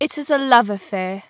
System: none